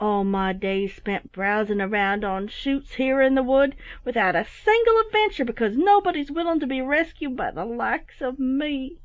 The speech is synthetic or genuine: genuine